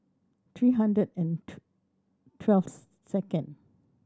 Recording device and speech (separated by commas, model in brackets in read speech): standing microphone (AKG C214), read sentence